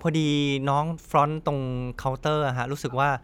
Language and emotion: Thai, neutral